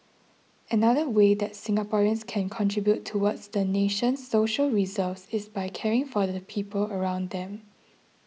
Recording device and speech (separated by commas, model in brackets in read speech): mobile phone (iPhone 6), read sentence